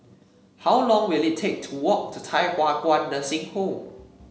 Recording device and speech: mobile phone (Samsung C7), read sentence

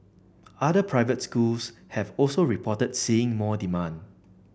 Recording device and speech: boundary microphone (BM630), read sentence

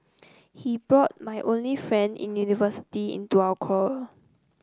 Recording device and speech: close-talking microphone (WH30), read sentence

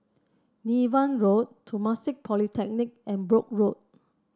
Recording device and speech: standing microphone (AKG C214), read sentence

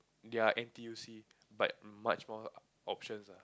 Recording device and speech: close-talking microphone, conversation in the same room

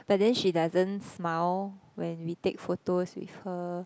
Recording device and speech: close-talking microphone, conversation in the same room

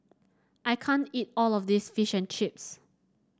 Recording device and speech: standing microphone (AKG C214), read sentence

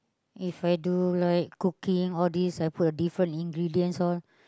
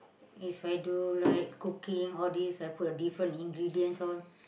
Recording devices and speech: close-talking microphone, boundary microphone, conversation in the same room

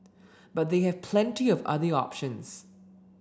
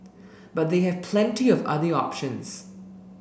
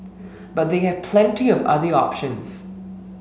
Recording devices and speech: standing microphone (AKG C214), boundary microphone (BM630), mobile phone (Samsung S8), read sentence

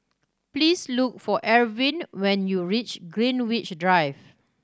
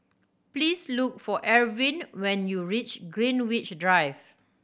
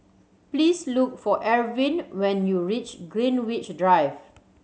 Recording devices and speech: standing microphone (AKG C214), boundary microphone (BM630), mobile phone (Samsung C7100), read sentence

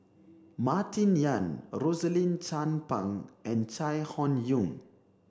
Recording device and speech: standing microphone (AKG C214), read sentence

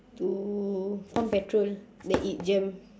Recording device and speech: standing microphone, conversation in separate rooms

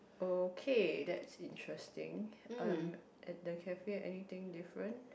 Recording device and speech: boundary microphone, conversation in the same room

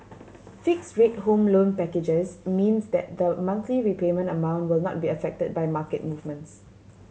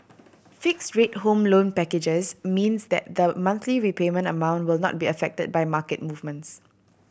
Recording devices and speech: mobile phone (Samsung C7100), boundary microphone (BM630), read sentence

